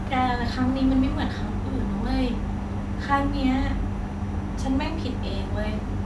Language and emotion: Thai, sad